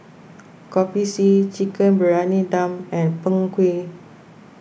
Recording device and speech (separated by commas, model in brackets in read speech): boundary microphone (BM630), read sentence